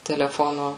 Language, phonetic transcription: Lithuanian, teleˈfono

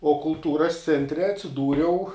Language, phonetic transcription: Lithuanian, o kulˈtūras ˈcentre atsiˈdūriau

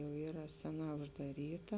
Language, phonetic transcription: Lithuanian, jau ˈyra ˈseˌnā uždaˈryta

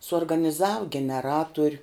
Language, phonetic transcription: Lithuanian, suorganiˈzav geneˈratur'

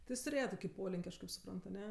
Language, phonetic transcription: Lithuanian, ti ˈjis tuˈrėje ˈtoki ˈpolin'k' ˈaš kaip suˈprant aˈne

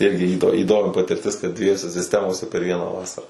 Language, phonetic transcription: Lithuanian, ˈirgi ˈįdo įˈdomi patirˈtis kad dvieˈjose sisˈtemose per ˈvieną ˈvasarą

